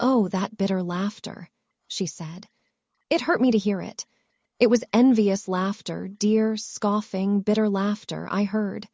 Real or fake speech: fake